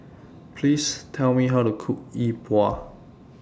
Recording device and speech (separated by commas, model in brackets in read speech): standing microphone (AKG C214), read sentence